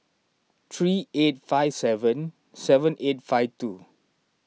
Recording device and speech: mobile phone (iPhone 6), read sentence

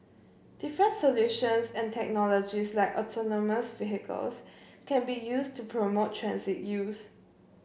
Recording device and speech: boundary microphone (BM630), read sentence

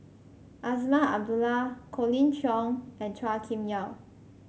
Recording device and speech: mobile phone (Samsung C5), read sentence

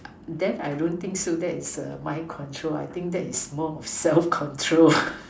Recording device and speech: standing microphone, conversation in separate rooms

